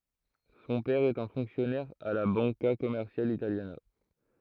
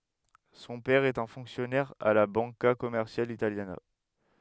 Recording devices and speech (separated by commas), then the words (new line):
throat microphone, headset microphone, read sentence
Son père est un fonctionnaire à la Banca Commerciale Italiana.